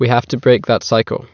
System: none